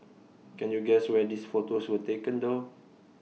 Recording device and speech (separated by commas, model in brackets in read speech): mobile phone (iPhone 6), read sentence